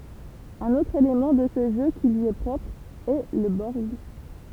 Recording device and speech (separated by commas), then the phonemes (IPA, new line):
temple vibration pickup, read sentence
œ̃n otʁ elemɑ̃ də sə ʒø ki lyi ɛ pʁɔpʁ ɛ lə bɔʁɡ